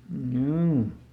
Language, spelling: Finnish, juu
- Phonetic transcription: ˈm̥juu .

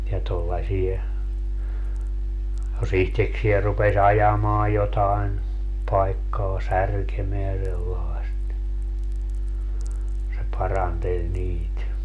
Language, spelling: Finnish, ja tuollaisia jos itsekseen rupesi ajamaan jotakin paikkaa särkemään sellaista niin se paranteli niitä
- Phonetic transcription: ja 'tollasie , jo's ‿ihteksiɛ rupe"s ‿ajamaa jotaen , 'paikkaa "särkemeä sellaest ni , se 'paranteĺ 'niit .

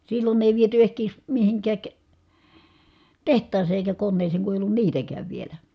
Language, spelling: Finnish, silloin ei viety ehkiedes mihinkään tehtaaseen eikä koneeseen kun ei ollut niitäkään vielä
- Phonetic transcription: sillon ‿èi viety ehkèi̮s , mihiŋkääk , teht̀aasee èi̮kä konneeseeŋ ku èi̮ ollun niitäkääv vielä .

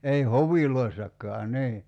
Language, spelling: Finnish, ei hoveissakaan niin
- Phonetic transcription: 'ei "hoviloissak̆kaa 'nii .

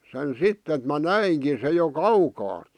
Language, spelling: Finnish, sen sitten että minä näinkin sen jo kaukaa
- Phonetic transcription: sen "sitt ‿et mä "näiŋki se jo "kaukaaᵗ .

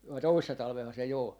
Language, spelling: Finnish, vai toissa talvenahan se jo oli
- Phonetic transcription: vai 'toissa 'talveha se jo ‿ol .

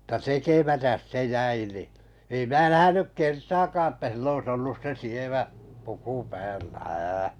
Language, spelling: Finnish, mutta tekemättä se jäi niin ei minä nähnyt kertaakaan että sillä olisi ollut se sievä puku päällä ää
- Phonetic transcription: [mut]ta 'tekemätäs 'se 'jäi ni , ei 'mää 'nähänyk "kertaakaa ‿ttä sil'l ‿ois 'ollus se 'sievä , puku 'päällä , 'ää .

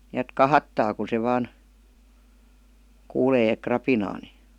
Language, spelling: Finnish, niin että kahahtaa kun se vain kuulee rapinaa niin
- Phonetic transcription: ni₍ät "kahattaa ku se 'vaan , 'kuulee "krapinaa ni .

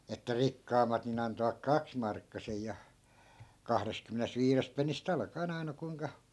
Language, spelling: Finnish, että rikkaammat niin antoivat kaksimarkkasen ja kahdestakymmenestä viidestä pennistä alkaen aina kuinka
- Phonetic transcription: että 'rikkaammat nin ‿antovak "kaksmarkkasej ja , 'kahresᵗkymmenest "viirest pennis't ‿alka₍en 'ai̮na kuiŋka , .

